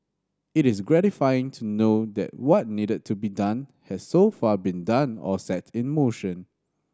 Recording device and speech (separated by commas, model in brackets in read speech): standing microphone (AKG C214), read sentence